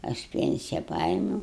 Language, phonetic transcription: Lithuanian, aš ˈpensija ˈpaėmiūu

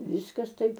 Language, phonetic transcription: Lithuanian, ˈviskas ˈtaip

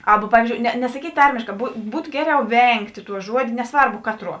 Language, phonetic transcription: Lithuanian, ˈaba ˈpavyzdžiou ne nesaˈkyt' ˈtarmėškā bu ˈbūtu ˈgeˌriau ˈvengt' ˈtuo ˈžuodė neˈsvarbu ˈkatˌruo

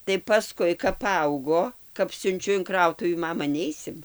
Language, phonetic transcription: Lithuanian, tai paˈskui kap paˈaugo kap siunˈčiu in ˈkrautuvį ˈmama ˈneisim

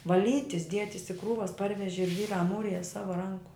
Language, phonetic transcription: Lithuanian, vaˈlytis ˈdietis i ˈkrūvas ˈparveži ˈžvyrą ˈmūrija ˈsava ˈranku

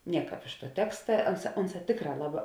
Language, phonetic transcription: Lithuanian, ˈnieˌkāp iš tuo ˈteksta ˈanˌsā ˈunˌsā ˈtėkˌrā ˈlaˌbā

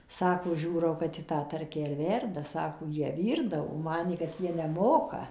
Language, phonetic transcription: Lithuanian, ˈsako ˈžiūrau kad ˈji tą ˈtarkę ir ˈverda ˈsako ˈjie ˈvyrdavo ˈmanė kad ˈjie neˈmoka

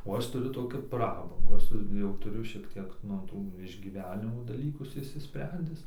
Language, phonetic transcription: Lithuanian, o ˈaš tuˈriu ˈtokių ˈprabangų ˈaš su jau ˈturiu šiekˈ tiek nu ˈtų išgyˈvenimo daˈlykus išsiˈsprendis

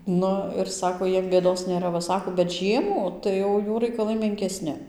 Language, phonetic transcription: Lithuanian, ˈnu ir ˈsako ˈjiem bėˈdos nėˈra va ˈsako bet ˈžiemų tai ˈjau ˈjų raikaˈlai menkeˈsni

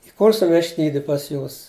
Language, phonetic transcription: Lithuanian, iˈkursu vešˈtydi pas ˈjūs

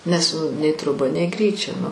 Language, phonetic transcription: Lithuanian, nes nu nei troˈba nei ˈgryčia

